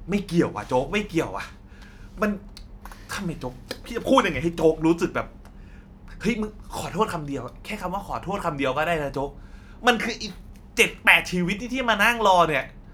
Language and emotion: Thai, angry